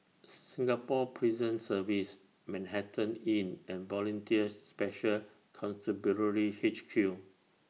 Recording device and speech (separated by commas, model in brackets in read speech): mobile phone (iPhone 6), read sentence